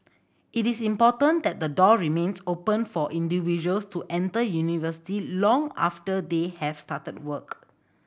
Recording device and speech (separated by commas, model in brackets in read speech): boundary microphone (BM630), read sentence